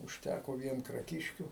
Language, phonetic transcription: Lithuanian, užˈtæko ˈvien kraˈkiškių

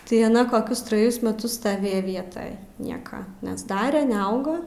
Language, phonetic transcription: Lithuanian, tai aˈna koˈkius traˈjus meˈtus staˈvėja ˈvietaj ˈnieka nesˈdare neˈauga

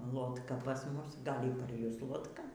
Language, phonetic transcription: Lithuanian, lotˈka pas ˈmus ˈgal' ir par ˈjus lotˈka

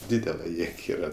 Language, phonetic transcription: Lithuanian, ˈdydela ˈjėg ˈyra

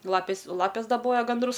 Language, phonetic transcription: Lithuanian, ˈlapės o ˈlapės daˈboja ganˈdrus

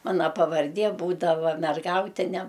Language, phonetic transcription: Lithuanian, ˈmana pavarˈdie ˈbūdava merˈgautine

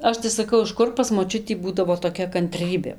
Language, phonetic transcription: Lithuanian, ˈaš tai saˈkau iš ˈkur pas moˈčiutį ˈbūdavo toˈkia kanˈtrybė

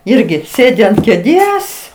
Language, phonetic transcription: Lithuanian, ˈirgi ˈsėdi ant kėˈdės

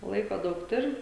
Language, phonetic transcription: Lithuanian, ˈlaiko ˈdaug ˈturi

